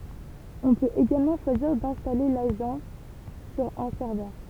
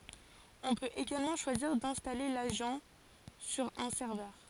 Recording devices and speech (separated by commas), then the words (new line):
temple vibration pickup, forehead accelerometer, read sentence
On peut également choisir d'installer l'agent sur un serveur.